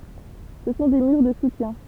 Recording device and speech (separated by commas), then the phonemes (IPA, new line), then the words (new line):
temple vibration pickup, read sentence
sə sɔ̃ de myʁ də sutjɛ̃
Ce sont des murs de soutien.